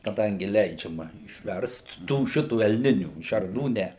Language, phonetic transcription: Lithuanian, kaˈdangi ˈleidžiama išˈverst ˈtų ˈšitų elˈninių šerˈnų ˈne

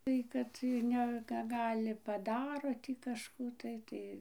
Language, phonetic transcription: Lithuanian, ˈtai kad ir ˈne ka ˈgali paˈdaro tį kažˈkų tai ˈtai

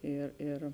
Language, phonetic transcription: Lithuanian, ˈėr ėr

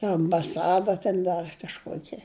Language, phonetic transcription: Lithuanian, ir ambaˈsada ten ˈdar kažˈkuokia

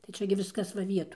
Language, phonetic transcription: Lithuanian, tai ˈčia gi ˈviskas va ˈvietoj

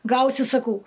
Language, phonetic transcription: Lithuanian, ˈgausi saˈkau

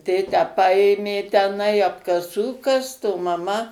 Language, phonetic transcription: Lithuanian, ˈtėtę ˈpaėmė teˈnai apkaˈsų ˈkast o maˈma

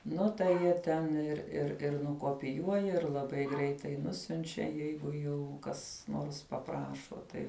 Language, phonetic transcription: Lithuanian, ˈnu tai ˈjie ten ir ir ir nukopiˈjuoja ir laˈbai ˈgreitai ˈnusiunčia ˈjeigu jau ˈkas ˈnors paˈprašo ˈtai

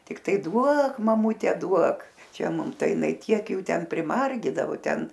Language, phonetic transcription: Lithuanian, tikˈtai ˈduok maˈmute ˈduok ˈčia ˈmum ˈtai jiˈnai ˈtiek ˈjų ˈten primarˈgydavo ˈten

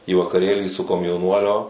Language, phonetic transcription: Lithuanian, į vakaˈrėlį su komjauˈnuolio

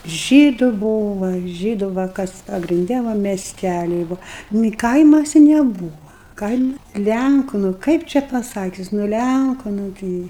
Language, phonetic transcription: Lithuanian, ˈžydu ˈbūva ˈžydu va ˈkas pagrinˈde ˈva mesˈtæli nu i ˈkaimasi neˈbūva ˈkaima ˈlænku nu ˈkaip čia paˈsakius nu ˈlænku nu ˈtɨi

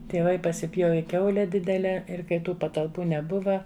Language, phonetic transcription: Lithuanian, tieˈvai pasiˈpjovi ˈkiaule ˈdidele ˈir kai ˈtų patalˈpų neˈbuva

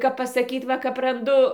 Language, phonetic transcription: Lithuanian, kap pasaˈkyt ˈva kap ranˈdu

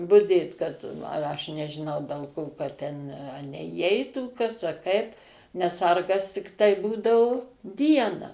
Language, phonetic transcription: Lithuanian, buˈdėt kad aš nežiˈnau del ˈko kad ˈten neįˈeitų ˈkas a ˈkaip nes ˈsargas tikˈtai ˈbūdau ˈdiena

